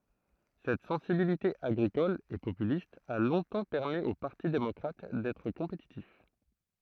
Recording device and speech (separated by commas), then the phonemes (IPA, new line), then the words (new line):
throat microphone, read sentence
sɛt sɑ̃sibilite aɡʁikɔl e popylist a lɔ̃tɑ̃ pɛʁmi o paʁti demɔkʁat dɛtʁ kɔ̃petitif
Cette sensibilité agricole et populiste a longtemps permis au Parti démocrate d'être compétitif.